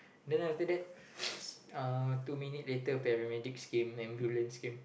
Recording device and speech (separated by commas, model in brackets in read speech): boundary microphone, conversation in the same room